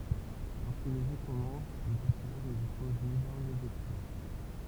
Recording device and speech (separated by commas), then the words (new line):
temple vibration pickup, read sentence
Lorsque le jeu commence, le personnage ne dispose ni d’armes, ni d’équipement.